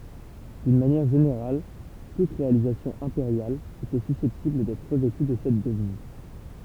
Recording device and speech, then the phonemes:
temple vibration pickup, read sentence
dyn manjɛʁ ʒeneʁal tut ʁealizasjɔ̃ ɛ̃peʁjal etɛ sysɛptibl dɛtʁ ʁəvɛty də sɛt dəviz

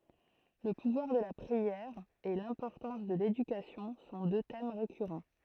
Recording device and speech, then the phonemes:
throat microphone, read sentence
lə puvwaʁ də la pʁiɛʁ e lɛ̃pɔʁtɑ̃s də ledykasjɔ̃ sɔ̃ dø tɛm ʁekyʁɑ̃

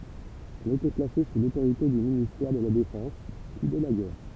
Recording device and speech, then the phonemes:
temple vibration pickup, read sentence
ɛl etɛ plase su lotoʁite dy ministɛʁ də la defɑ̃s pyi də la ɡɛʁ

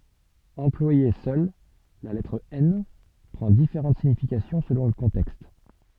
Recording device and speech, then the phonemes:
soft in-ear microphone, read sentence
ɑ̃plwaje sœl la lɛtʁ ɛn pʁɑ̃ difeʁɑ̃t siɲifikasjɔ̃ səlɔ̃ lə kɔ̃tɛkst

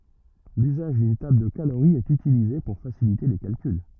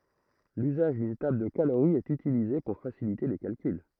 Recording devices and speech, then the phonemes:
rigid in-ear microphone, throat microphone, read sentence
lyzaʒ dyn tabl də kaloʁi ɛt ytilize puʁ fasilite le kalkyl

